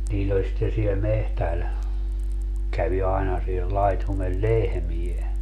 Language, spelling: Finnish, niillä oli sitten siellä metsällä kävi aina siellä laitumella lehmiä
- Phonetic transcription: 'niill ‿oĺ sitte siel 'mehtäl , 'kävi aina siel 'laitumel "lehmie .

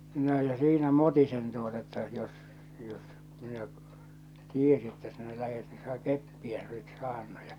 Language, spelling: Finnish, no ja siinä mutisen tuota että jos jos minä tiesin että sinä lähdet niin sinä keppiä sinä olisit saanut ja
- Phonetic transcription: noo ja 'siinä "motisen tuota että 'jos , 'jos , 'minä , "tiesi että sinä 'lähet ni siä "keppiä sin ‿oisit 'saannu ja .

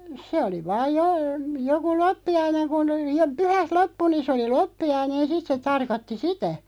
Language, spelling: Finnish, se oli vain - joku loppiainen kun - pyhät loppui niin se oli loppiainen sitten se tarkoitti sitä
- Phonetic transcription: 'se oli vaaj jo- , 'joku "loppi₍aineŋ kun jo- 'pyhät "loppu nin̬ sᵉ oli "loppi₍ainen 'sit se 'tarkotti "sitä .

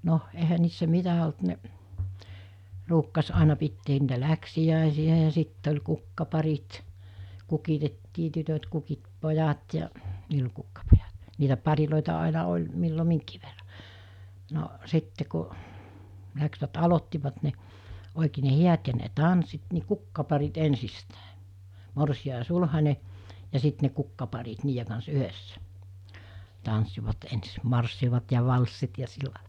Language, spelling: Finnish, no eihän niissä mitä ollut ne ruukasi aina pitää niitä läksiäisiä ja sitten oli kukkaparit kukitettiin tytöt kukitti pojat ja niillä oli kukkapojat niitä pareja aina oli milloin minkin verran no sitten kun lähtivät aloittivat ne oikein ne häät ja ne tanssit niin kukkaparit ensistään morsian ja sulhanen ja sitten ne kukkaparit niiden kanssa yhdessä tanssivat ensin marssivat ja valssit ja sillä lailla
- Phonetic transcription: 'no , ehä niissä 'mitä olt ne’ , ruukkas 'àena pitteen niitä 'läksi₍ä̀esi₍ä ja 'sitt ‿oĺ 'kukkaparit , "kukitettii "tytöt kukit 'pojat ja , 'niil ‿oĺ kukkapojat , niitä 'parilòita àina 'oĺ , millo 'miŋkii verra , no , 'sitte ku , läksvät 'alottivat ne , òikee ne 'hiät ja ne "tanssit ni 'kukkaparit 'ensistä̀e , 'morsi₍a ja 'sulhaǹe , ja 'sit ne 'kukkaparit 'niije kans 'yhessä , tanssivat ens 'marssivat ja 'valssit ja 'sillàe(lᴀ) .

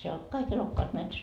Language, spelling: Finnish, siellä oli kaikki elokkaat metsässä
- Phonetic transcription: siel ‿ol , 'kai'k ‿elokkaat 'metsäs .

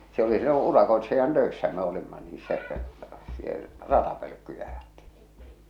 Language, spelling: Finnish, se oli silloin urakoitsijan töissä me olimme niin se - ratapölkkyjä ajettiin
- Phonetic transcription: se oli sillo "urakoetsijan 'töessä me olimma nii se , sie- , "ratapölᵒ̈kkyjä ᴀᴊᴇttɪɪ .

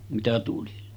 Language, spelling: Finnish, mitä tuli
- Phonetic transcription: mitä tuli .

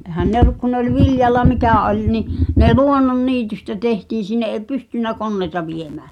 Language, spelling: Finnish, eihän ne ollut kun ne oli viljalla mikä oli niin ne luonnonniitystä tehtiin sinne ei pystynyt koneita viemään
- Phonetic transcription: 'ehän 'ne ‿ᵒllᵘk ku nᵉ ‿oĺ 'viljalla "mikä̀ 'oĺ ni , ne "luonnon"niitystä 'tehtiiⁿ̬ sinne ’è "pystyn̆nä 'konneĭta 'viemää .

